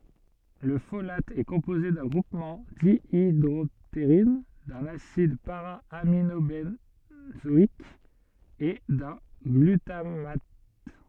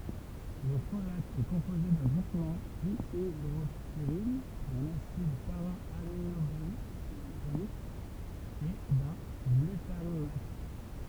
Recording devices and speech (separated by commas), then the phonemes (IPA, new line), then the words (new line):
soft in-ear microphone, temple vibration pickup, read sentence
lə folat ɛ kɔ̃poze dœ̃ ɡʁupmɑ̃ djidʁɔpteʁin dœ̃n asid paʁaaminobɑ̃zɔik e dœ̃ ɡlytamat
Le folate est composé d'un groupement dihydroptérine, d'un acide para-aminobenzoïque et d'un glutamate.